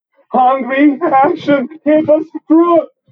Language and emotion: English, fearful